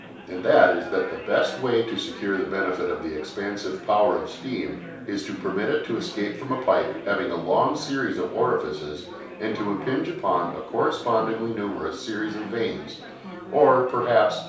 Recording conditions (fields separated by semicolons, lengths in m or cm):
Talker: one person; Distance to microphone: 3.0 m; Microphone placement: far; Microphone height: 1.8 m; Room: small (3.7 m by 2.7 m); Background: babble